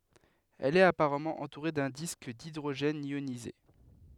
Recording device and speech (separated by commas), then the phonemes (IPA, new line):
headset microphone, read sentence
ɛl ɛt apaʁamɑ̃ ɑ̃tuʁe dœ̃ disk didʁoʒɛn jonize